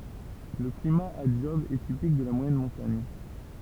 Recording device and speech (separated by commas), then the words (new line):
temple vibration pickup, read sentence
Le climat à Job est typique de la moyenne montagne.